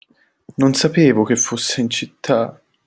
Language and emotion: Italian, sad